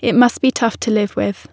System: none